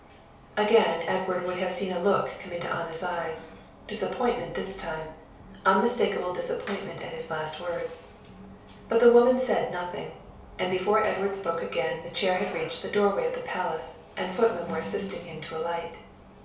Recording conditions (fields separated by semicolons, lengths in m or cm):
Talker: one person; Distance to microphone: 3.0 m; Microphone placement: far; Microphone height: 1.8 m; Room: small (3.7 m by 2.7 m); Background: television